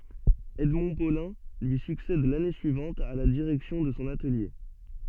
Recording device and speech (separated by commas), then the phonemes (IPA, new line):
soft in-ear microphone, read sentence
ɛdmɔ̃ polɛ̃ lyi syksɛd lane syivɑ̃t a la diʁɛksjɔ̃ də sɔ̃ atəlje